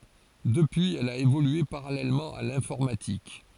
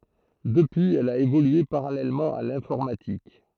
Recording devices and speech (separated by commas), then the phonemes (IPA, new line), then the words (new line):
forehead accelerometer, throat microphone, read sentence
dəpyiz ɛl a evolye paʁalɛlmɑ̃ a lɛ̃fɔʁmatik
Depuis, elle a évolué parallèlement à l’informatique.